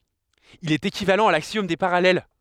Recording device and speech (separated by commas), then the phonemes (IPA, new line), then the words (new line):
headset microphone, read sentence
il ɛt ekivalɑ̃ a laksjɔm de paʁalɛl
Il est équivalent à l'axiome des parallèles.